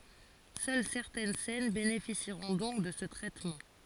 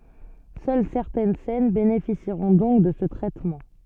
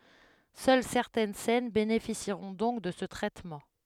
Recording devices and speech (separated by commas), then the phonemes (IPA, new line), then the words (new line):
forehead accelerometer, soft in-ear microphone, headset microphone, read sentence
sœl sɛʁtɛn sɛn benefisiʁɔ̃ dɔ̃k də sə tʁɛtmɑ̃
Seules certaines scènes bénéficieront donc de ce traitement.